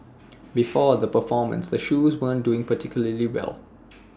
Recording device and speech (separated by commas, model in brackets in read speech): standing microphone (AKG C214), read sentence